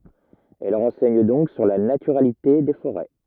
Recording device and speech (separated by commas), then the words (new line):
rigid in-ear microphone, read sentence
Elles renseignent donc sur la naturalité des forêts.